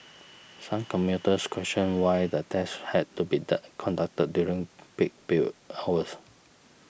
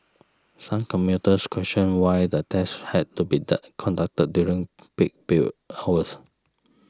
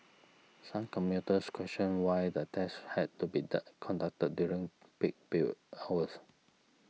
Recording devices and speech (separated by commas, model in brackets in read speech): boundary microphone (BM630), standing microphone (AKG C214), mobile phone (iPhone 6), read sentence